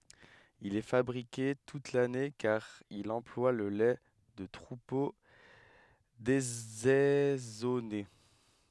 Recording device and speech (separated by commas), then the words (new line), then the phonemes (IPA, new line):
headset microphone, read sentence
Il est fabriqué toute l'année car il emploie le lait de troupeaux désaisonnés.
il ɛ fabʁike tut lane kaʁ il ɑ̃plwa lə lɛ də tʁupo dezɛzɔne